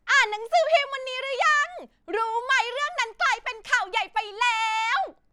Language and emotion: Thai, happy